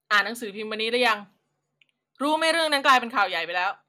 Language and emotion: Thai, angry